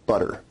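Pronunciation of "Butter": In 'butter', the tt is said as a tap sound, not as a full t stop.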